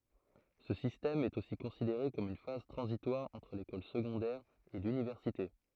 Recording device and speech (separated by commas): throat microphone, read sentence